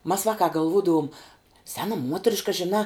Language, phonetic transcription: Lithuanian, mas ˈvakā galˈvūdavum ˈsena ˈmuotriška žiˈnā

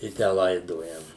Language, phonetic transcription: Lithuanian, i ˈtę ˈlaidojam

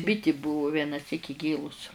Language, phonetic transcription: Lithuanian, ˈbiti ˈbuvu ˌvienaˈsyk ˈigėlus

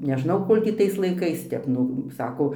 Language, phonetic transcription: Lithuanian, neˈžnau ˈkol' tį tais laiˈkais ˈtep ˈnu ˈsako

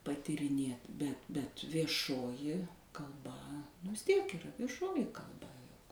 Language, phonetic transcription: Lithuanian, patyriˈnėt bet bet vieˈšoji kalˈba nu vis ˈtiek yˈra vieˈšoji kalˈba juk

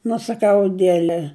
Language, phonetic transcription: Lithuanian, nu saˈkau aˈdiele

